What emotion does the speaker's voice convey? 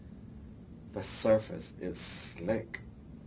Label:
neutral